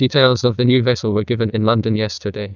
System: TTS, neural waveform model